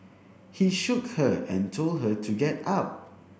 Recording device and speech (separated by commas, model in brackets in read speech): boundary microphone (BM630), read sentence